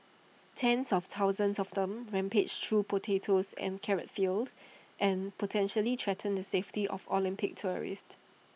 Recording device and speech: mobile phone (iPhone 6), read sentence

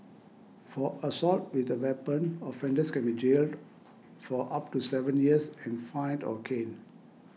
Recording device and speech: mobile phone (iPhone 6), read sentence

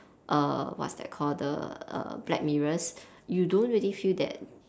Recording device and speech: standing microphone, conversation in separate rooms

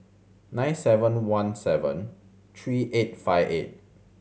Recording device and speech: mobile phone (Samsung C7100), read sentence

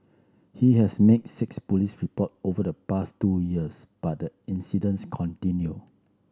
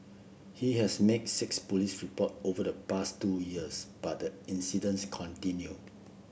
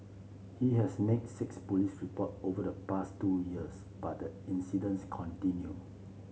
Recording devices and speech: standing microphone (AKG C214), boundary microphone (BM630), mobile phone (Samsung C7), read sentence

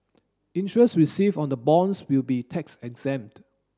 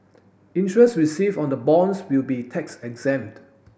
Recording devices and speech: standing microphone (AKG C214), boundary microphone (BM630), read sentence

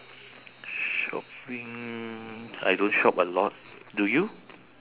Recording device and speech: telephone, conversation in separate rooms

